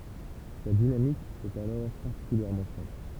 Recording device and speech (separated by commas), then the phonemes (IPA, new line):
temple vibration pickup, read sentence
sa dinamik ɛt alɔʁ paʁtikyljɛʁmɑ̃ sɛ̃pl